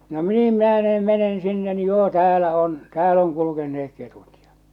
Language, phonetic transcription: Finnish, no "niim 'mä̳ä̳nen 'mɛ̳nen 'sinne ni joo "täälä on , "tääl ‿oŋ kulukenne₍ek 'ketut ᴊᴀ .
- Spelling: no niin menen menen sinne niin joo täällä on täällä on kulkeneet ketut ja

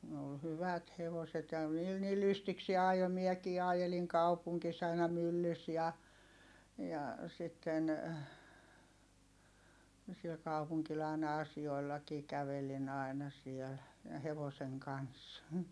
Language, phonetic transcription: Finnish, ne ol hyvät hevoset ja niil ni lystiksie ajo - miɛkii ajeliŋ kaupuŋkis aina myllys ja , ja , sitten , siel kaupuŋkil ài̮na asi₍oi̮llakii kävelin ‿ai̮na sièl , ja hevoseŋ kans .
- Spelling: ne oli hyvät hevoset ja niillä niin lystikseen ajoi minäkin ajelin kaupungissa aina myllyssä ja ja sitten siellä kaupungilla aina asioillakin kävelin aina siellä ja hevosen kanssa

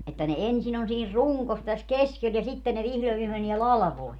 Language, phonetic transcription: Finnish, että ne 'ensin ‿on siin "ruŋkos täs "keskel ja 'sitte ne 'vihlo ja viime menie "lalᵃvoi .
- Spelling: että ne ensin on siinä rungossa tässä keskellä ja sitten ne vihdoin ja viimein menee latvoihin

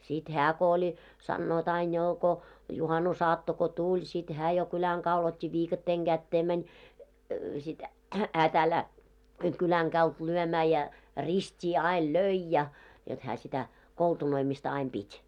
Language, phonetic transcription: Finnish, sit 'hää ko oĺ , 'sannoot ‿ain 'joo ko , 'juhanusaatto ko "tuĺ , sit hää jo kyläŋ kaul ‿ot́t́i 'viikatteeŋ ɢättee mäń , sit , hää 'tä̀llää , kyläŋ ɢault 'lyömää ja , "rist́ii ail "löi ja , jot hää sitä , 'koltunoimista 'aim 'ʙit́ .
- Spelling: sitten hän kun oli sanovat aina jo kun juhannusaatto kun tuli sitten hän jo kylän kadulla otti viikatteen käteen meni sitten hän tällä lailla kylän kadulta lyömään ja ristiin aina löi ja jotta hän sitä koltunoimista aina piti

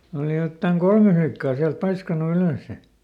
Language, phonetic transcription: Finnish, ˈooli jottaŋ ˈkolme flikkaa siält ˈpaiskanu ˈylö̀sse .
- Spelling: oli jotakin kolme likkaa sieltä paiskannut ylös

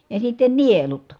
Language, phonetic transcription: Finnish, ja sitten nielut .
- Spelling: ja sitten nielut

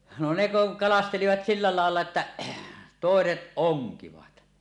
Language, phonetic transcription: Finnish, no 'ne 'kuŋ "kalastelivat silla làella että , "tòeset 'oŋkivat .
- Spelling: no ne kun kalastelivat sillä lailla että toiset onkivat

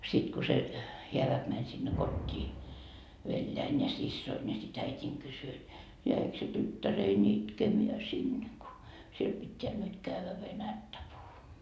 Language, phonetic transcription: Finnish, sit ko se , 'heäväk mäń sinne "kot́t́ii , 'veljäin ja 'sissoin ja si't ‿äit́iiŋ 'kysy et , » 'jäik se 'tyttärei"n ‿itkemeä sinne ko , 'siel 'pitteä nyt kävvä "venättä puhumoa ? »
- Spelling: sitten kun se hääväki meni sinne kotiin veljeni ja siskoni ja sitten äitini kysyi että jäikö se tyttäreni itkemään sinne kun siellä pitää nyt käydä venäjää puhumaan

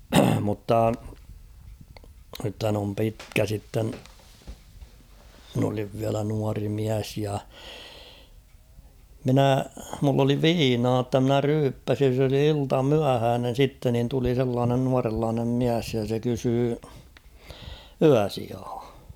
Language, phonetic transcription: Finnish, mutta , nythän ‿om 'pitkä sitten , mᵎn ‿oliv viälä nuari 'miäs ja , 'minä̀ , mull ‿oli "viinaa ‿tta mnä 'ryyppäsin̬ s ‿oli 'ilta'myähäänen̬ 'sitte nin tuli sellaanen 'nuarellaanem 'miäs ja se kysyy , "yäsiaa .
- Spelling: mutta nythän on pitkä sitten minä olin vielä nuori mies ja minä minulla oli viinaa jotta minä ryyppäsin se oli iltamyöhäinen sitten niin tuli sellainen nuorenlainen mies ja se kysyi yösijaa

